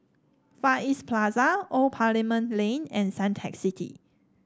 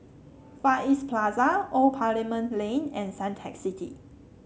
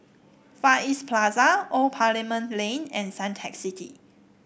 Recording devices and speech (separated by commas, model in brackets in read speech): standing microphone (AKG C214), mobile phone (Samsung C7), boundary microphone (BM630), read sentence